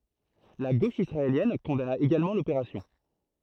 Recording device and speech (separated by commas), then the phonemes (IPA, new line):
throat microphone, read sentence
la ɡoʃ isʁaeljɛn kɔ̃dana eɡalmɑ̃ lopeʁasjɔ̃